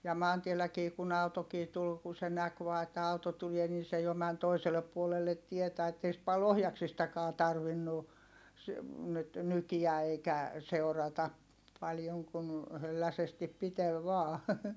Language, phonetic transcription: Finnish, ja maantielläkii kun ‿autokii tul ku se näk vaa että auto tulie nin̬ se jo män toisellep puolellet tietä ettei sⁱt pal ohjaksistakaa tarvinnu , s- , nyt , nykiä eikä , seu̬rata , paljoŋ kun , hölläsestip pitel vaa .
- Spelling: ja maantielläkin kun autokin tuli kun se näki vain että auto tulee niin se jo meni toiselle puolelle tietä että ei sitten paljon ohjaksistakaan tarvinnut - nyt nykiä eikä seurata paljon kun hölläsesti piteli vain

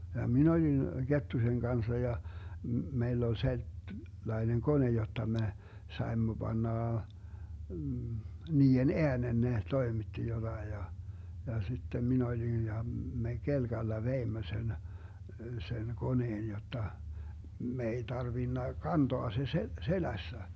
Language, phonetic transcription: Finnish, ja 'min ‿olin , "Gettusen 'Gansa ja , 'meill ‿ol selt- , -'laineŋ "kone 'jotta me , 'saemmo 'Bannà , 'nii₍en "eänen ne 'toimitti 'jotai ja , ja 'sittem 'min ‿olin ja , 'me 'kelGalla 'veimmö sen , sen 'koneen jotta , 'me ei 'tarvinna "kantoa se se- , "selässä .
- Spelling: ja minä olin Kettusen kanssa ja meillä oli - sellainen kone jotta me saimme panna niiden äänen ne toimitti jotakin ja ja sitten minä olin ja me kelkalla veimme sen sen koneen jotta me ei tarvinnut kantaa se - selässä

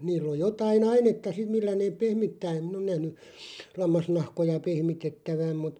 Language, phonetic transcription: Finnish, 'niilˡ ‿oj 'jotai'n ‿ainetta "siᵐ millä neeᵖ "pehmittää em "min ‿on nähny , 'lammasnahkoja 'pehmitettäväm mut ,.
- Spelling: niillä on jotakin ainetta sitten millä ne pehmittää en minä ole nähnyt lammasnahkoja pehmitettävän mutta

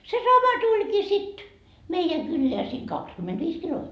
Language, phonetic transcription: Finnish, se "sama 'tuĺkii sit , 'meijä 'kylleä sii 'kakskymmenD'viis kilome- ,.
- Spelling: se sama tulikin sitten meidän kylään siinä kaksikymmentäviisi -

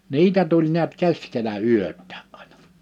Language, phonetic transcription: Finnish, 'niitä tuĺ niät 'keskelä 'yöt̆tᴀ̈ᴀ̈’ ’ᴀ̀ɪɴᴀ .
- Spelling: niitä tuli näet keskellä yötäkin aina

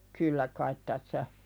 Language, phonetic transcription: Finnish, kyllä kait tässä ,.
- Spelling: kyllä kai tässä

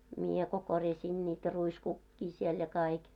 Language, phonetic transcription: Finnish, mie ko korjaśiin niitä 'ruiskukkii siel ja 'kaik .
- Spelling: minä kun korjasin niitä ruiskukkia siellä ja kaikki

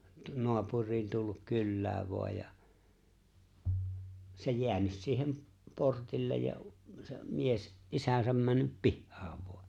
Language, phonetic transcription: Finnish, 'noapur̆riin tulluk 'kyllääv̆ voaj ja , se 'jeänys 'siihem , 'portillej ja , 'se’ , 'mies , '’isäsäm männyp "pihhaav voa .
- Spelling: naapuriin tullut kylään vain ja se jäänyt siihen portille ja se mies isänsä mennyt pihaan vain

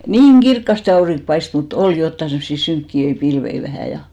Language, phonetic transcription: Finnish, "niiŋ 'ɢirkkaste 'auriŋk paist , mut "ol jotta semssi 'syŋkki₍öi 'pilvei vähä̀ ja .
- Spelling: niin kirkkaasti aurinko paistoi mutta oli jotakin semmoisia synkeitä pilviä vähän ja

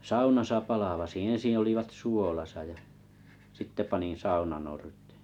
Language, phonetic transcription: Finnish, saunasa 'palavasiiḭ 'eḛsin olivat 'suolasa ja , sitte 'panin 'saunanortᴇᴇ .
- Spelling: saunassa palvasin ensin olivat suolassa ja sitten panin saunanorteen

